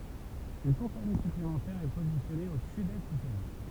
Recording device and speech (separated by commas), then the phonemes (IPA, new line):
temple vibration pickup, read sentence
yn kɔ̃pani syplemɑ̃tɛʁ ɛ pozisjɔne o sydɛst dy tɛʁɛ̃